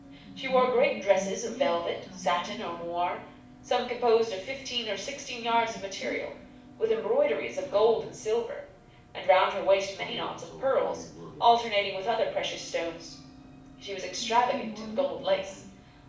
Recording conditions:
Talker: one person; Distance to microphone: 5.8 m; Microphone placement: far; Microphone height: 1.8 m; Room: medium-sized (5.7 m by 4.0 m); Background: television

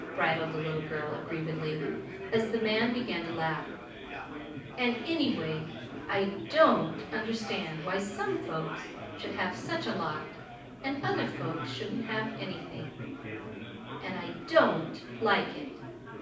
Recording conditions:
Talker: one person; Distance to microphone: 5.8 m; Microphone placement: far; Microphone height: 1.8 m; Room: medium-sized (5.7 m by 4.0 m); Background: babble

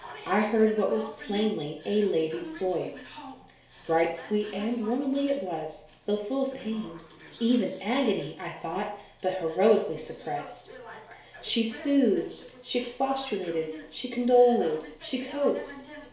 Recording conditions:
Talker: one person; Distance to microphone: 1.0 m; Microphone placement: close; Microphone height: 1.1 m; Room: small (3.7 m by 2.7 m); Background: television

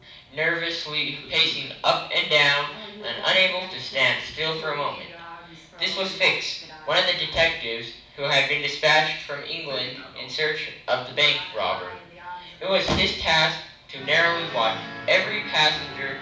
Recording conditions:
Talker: one person; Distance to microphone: 5.8 m; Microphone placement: far; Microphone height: 1.8 m; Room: medium-sized (5.7 m by 4.0 m); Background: television

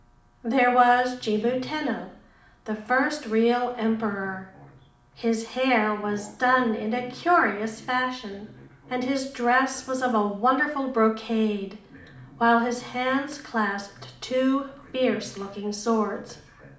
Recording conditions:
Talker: one person; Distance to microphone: 2.0 m; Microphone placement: close; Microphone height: 99 cm; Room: medium-sized (5.7 m by 4.0 m); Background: television

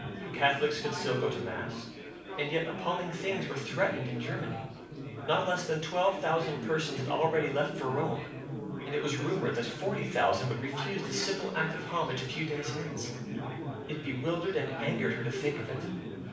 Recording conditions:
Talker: one person; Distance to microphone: 5.8 m; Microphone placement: far; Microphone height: 1.8 m; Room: medium-sized (5.7 m by 4.0 m); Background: babble

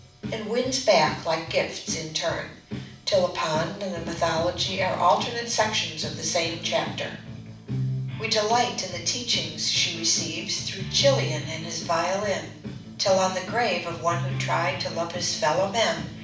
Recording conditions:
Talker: one person; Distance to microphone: 5.8 m; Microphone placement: far; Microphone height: 1.8 m; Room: medium-sized (5.7 m by 4.0 m); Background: music

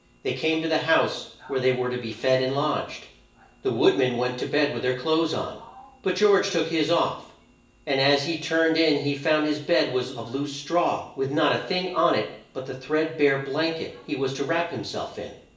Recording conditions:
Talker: one person; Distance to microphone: 1.8 m; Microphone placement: close; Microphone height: 1.0 m; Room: large; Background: television

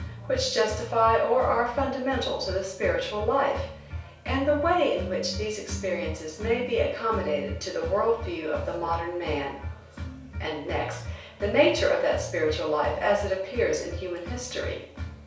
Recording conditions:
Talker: one person; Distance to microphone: 3.0 m; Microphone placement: far; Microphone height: 1.8 m; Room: small (3.7 m by 2.7 m); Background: music

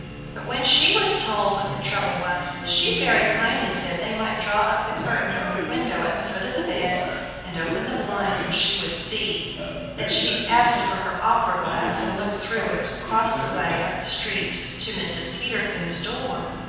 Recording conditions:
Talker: one person; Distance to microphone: 7.1 m; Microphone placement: far; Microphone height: 1.7 m; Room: very reverberant, large; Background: television

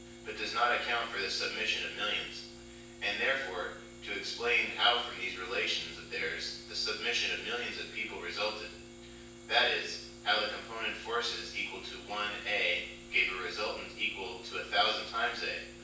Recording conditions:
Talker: one person; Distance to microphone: 9.8 m; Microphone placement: far; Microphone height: 1.8 m; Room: large; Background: none

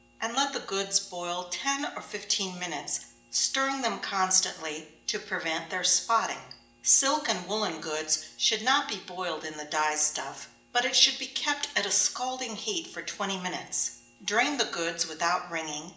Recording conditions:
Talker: one person; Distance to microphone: 1.8 m; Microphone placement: close; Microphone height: 1.0 m; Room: large; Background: none

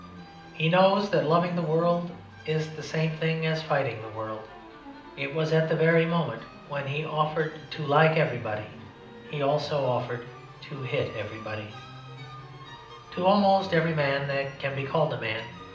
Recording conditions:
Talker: one person; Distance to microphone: 2.0 m; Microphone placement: close; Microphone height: 99 cm; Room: medium-sized (5.7 m by 4.0 m); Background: music

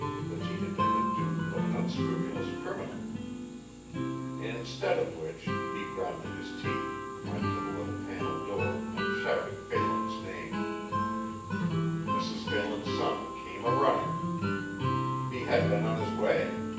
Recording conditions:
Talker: one person; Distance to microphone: 9.8 m; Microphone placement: far; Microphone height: 1.8 m; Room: large; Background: music

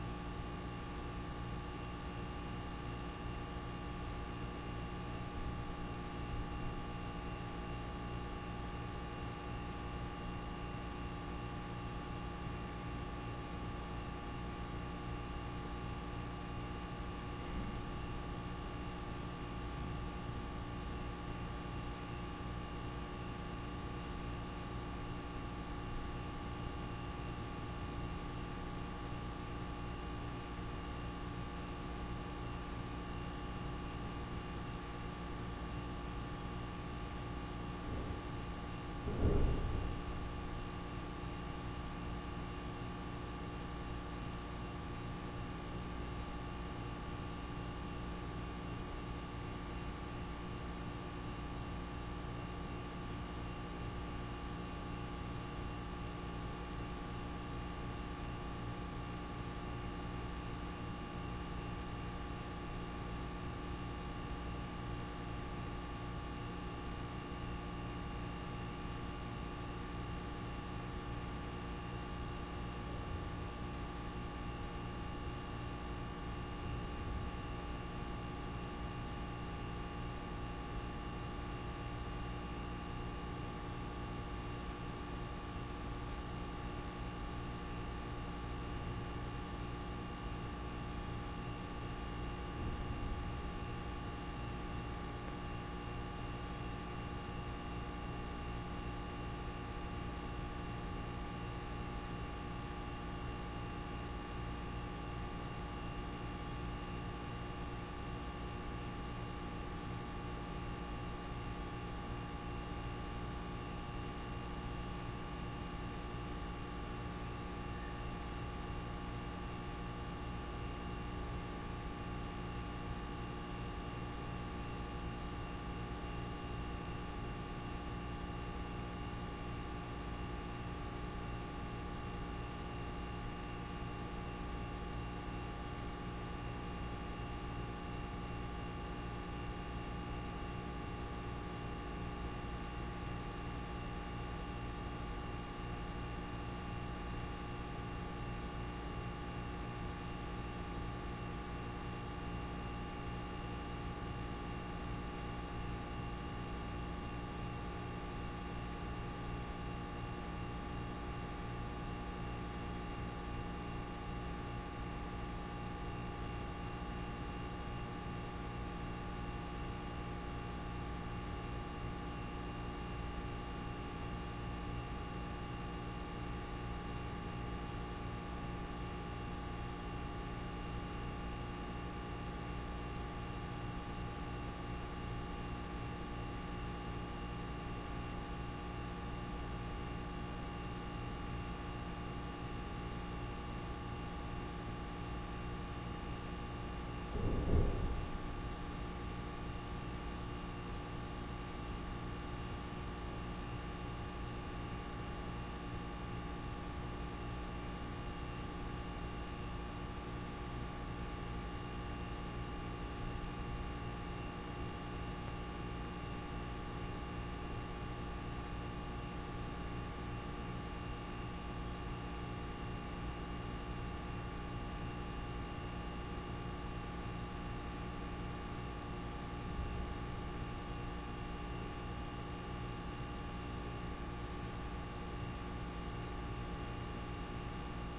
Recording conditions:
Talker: no one; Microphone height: 1.0 m; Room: very reverberant, large; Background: none

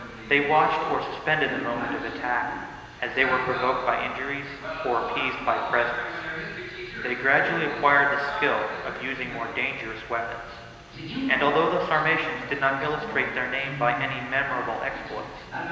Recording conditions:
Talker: one person; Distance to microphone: 1.7 m; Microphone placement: close; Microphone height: 1.0 m; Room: very reverberant, large; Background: television

